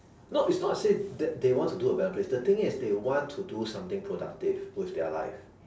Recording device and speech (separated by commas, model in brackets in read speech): standing microphone, conversation in separate rooms